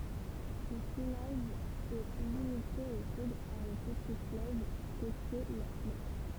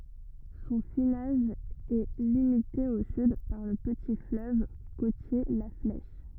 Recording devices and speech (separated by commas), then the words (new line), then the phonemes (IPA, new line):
temple vibration pickup, rigid in-ear microphone, read sentence
Son finage est limité au sud par le petit fleuve côtier la Flèche.
sɔ̃ finaʒ ɛ limite o syd paʁ lə pəti fløv kotje la flɛʃ